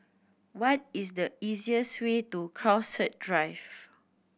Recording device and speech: boundary microphone (BM630), read sentence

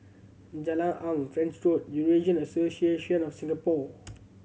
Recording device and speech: mobile phone (Samsung C7100), read sentence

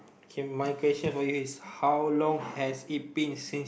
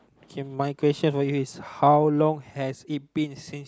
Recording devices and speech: boundary microphone, close-talking microphone, conversation in the same room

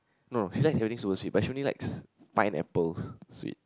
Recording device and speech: close-talking microphone, conversation in the same room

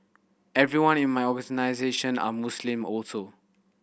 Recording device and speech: boundary microphone (BM630), read sentence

